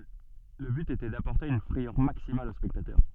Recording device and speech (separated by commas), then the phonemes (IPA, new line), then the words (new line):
soft in-ear microphone, read sentence
lə byt etɛ dapɔʁte yn fʁɛjœʁ maksimal o spɛktatœʁ
Le but était d'apporter une frayeur maximale aux spectateurs.